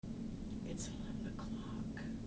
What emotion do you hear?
neutral